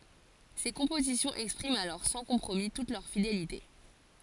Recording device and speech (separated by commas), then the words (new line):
forehead accelerometer, read sentence
Ses compositions expriment alors sans compromis toute leur fidélité.